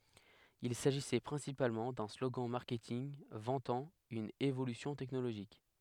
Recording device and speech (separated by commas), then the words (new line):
headset microphone, read sentence
Il s'agissait principalement d'un slogan marketing vantant une évolution technologique.